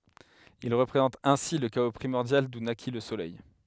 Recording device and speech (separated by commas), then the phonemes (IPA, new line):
headset microphone, read sentence
il ʁəpʁezɑ̃tt ɛ̃si lə kao pʁimɔʁdjal du naki lə solɛj